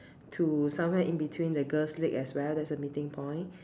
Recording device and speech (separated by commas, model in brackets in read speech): standing microphone, conversation in separate rooms